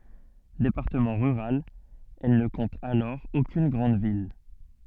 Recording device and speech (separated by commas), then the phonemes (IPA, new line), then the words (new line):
soft in-ear microphone, read sentence
depaʁtəmɑ̃ ʁyʁal ɛl nə kɔ̃t alɔʁ okyn ɡʁɑ̃d vil
Département rural, elle ne compte alors aucune grande ville.